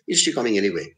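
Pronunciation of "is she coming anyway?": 'Is she coming anyway?' is asked without showing any involvement, in the tone of someone who is not bothered about the answer.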